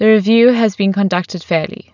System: none